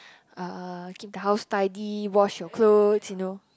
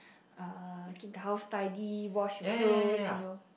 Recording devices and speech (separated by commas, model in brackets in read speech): close-talking microphone, boundary microphone, conversation in the same room